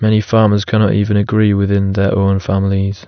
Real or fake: real